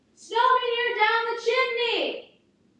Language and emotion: English, neutral